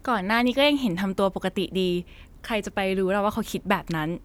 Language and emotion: Thai, frustrated